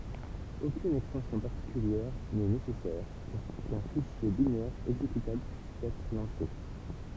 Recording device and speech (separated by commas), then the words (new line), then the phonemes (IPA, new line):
temple vibration pickup, read sentence
Aucune extension particulière n'est nécessaire pour qu'un fichier binaire exécutable puisse être lancé.
okyn ɛkstɑ̃sjɔ̃ paʁtikyljɛʁ nɛ nesɛsɛʁ puʁ kœ̃ fiʃje binɛʁ ɛɡzekytabl pyis ɛtʁ lɑ̃se